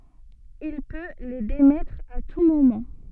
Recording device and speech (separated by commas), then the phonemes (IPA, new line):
soft in-ear microphone, read sentence
il pø le demɛtʁ a tu momɑ̃